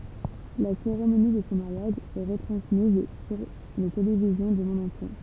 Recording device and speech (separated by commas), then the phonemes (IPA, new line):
temple vibration pickup, read sentence
la seʁemoni də sɔ̃ maʁjaʒ ɛ ʁətʁɑ̃smiz syʁ le televizjɔ̃ dy mɔ̃d ɑ̃tje